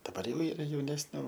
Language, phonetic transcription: Lithuanian, daˈbar ˈjau ˈyra jaunesˈnių

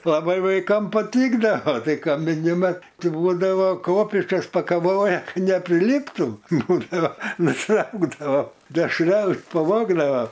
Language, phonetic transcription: Lithuanian, laˈbai vaiˈkam paˈtykdavo ˈtai kamiˈni ˈmat ˈti ˈbūdavo ˈkopėčias pakaˈvoja ˈka nepriˈlyptų ˈbūdavo nuˈtraukdavo dešˈrelɨ paˈvogdavo

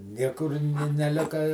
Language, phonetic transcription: Lithuanian, ˈniekur ni neˈlika i

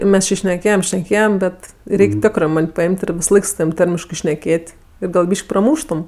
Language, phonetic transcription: Lithuanian, ˈmes či šneˈkėjem šneˈkėjem ˈbet ˈreik' ˈtekrɜ ˈman' paˈim't' ir visaˈlaik su taˈvym ˈtarmiškɜ šneˈkėt' ˈir gal ˈbyš'k' praˈmūštum

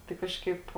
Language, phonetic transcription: Lithuanian, tai ˈkažkaip

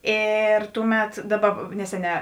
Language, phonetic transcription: Lithuanian, ˈėr ˈtuˌmet ˈdaˌba ˈneseˌnē

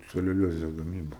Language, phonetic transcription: Lithuanian, celiuˈliozes gaˈmyba

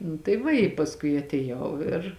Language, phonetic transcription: Lithuanian, nu tai ˈva i pasˈkui atėˈjau ir

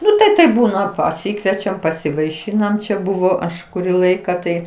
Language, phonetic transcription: Lithuanian, ˈnu ˈtai taip ˈbūna paˈsykviečiam pasivaiˈšynam ˈčia ˈbuvo ˈaš kuˈrį ˈlaika tai

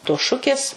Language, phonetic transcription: Lithuanian, tos ˈšukės

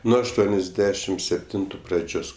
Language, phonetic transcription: Lithuanian, ˈnuo ašˈtuoniasˌdešim sepˈtintu praˈdžios

